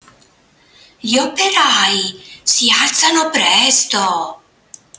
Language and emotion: Italian, surprised